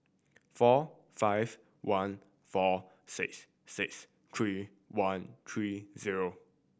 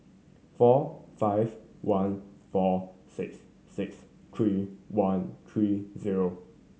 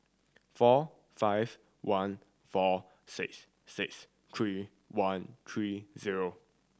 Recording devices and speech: boundary microphone (BM630), mobile phone (Samsung C7100), standing microphone (AKG C214), read sentence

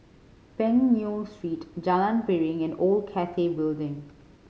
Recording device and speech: mobile phone (Samsung C5010), read sentence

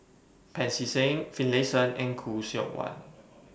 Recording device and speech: boundary microphone (BM630), read sentence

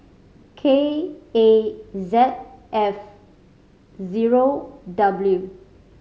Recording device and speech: mobile phone (Samsung C5010), read sentence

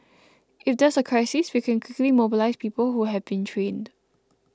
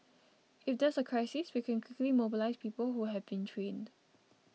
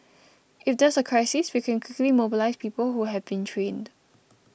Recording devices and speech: close-talking microphone (WH20), mobile phone (iPhone 6), boundary microphone (BM630), read sentence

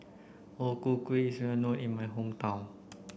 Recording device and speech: boundary microphone (BM630), read sentence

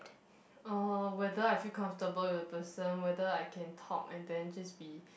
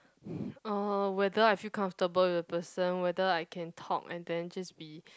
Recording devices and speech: boundary microphone, close-talking microphone, conversation in the same room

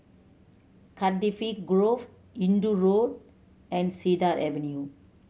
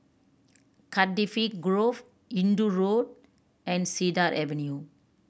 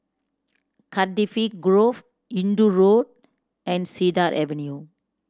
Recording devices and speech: mobile phone (Samsung C7100), boundary microphone (BM630), standing microphone (AKG C214), read sentence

